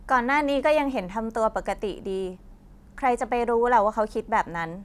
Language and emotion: Thai, neutral